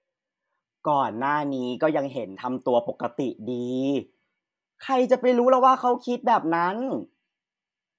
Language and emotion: Thai, frustrated